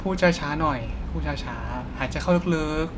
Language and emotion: Thai, neutral